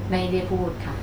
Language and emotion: Thai, neutral